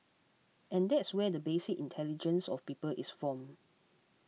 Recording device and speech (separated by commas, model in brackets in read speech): mobile phone (iPhone 6), read sentence